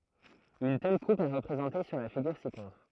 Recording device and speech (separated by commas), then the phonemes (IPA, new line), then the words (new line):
throat microphone, read sentence
yn tɛl kup ɛ ʁəpʁezɑ̃te syʁ la fiɡyʁ sikɔ̃tʁ
Une telle coupe est représentée sur la figure ci-contre.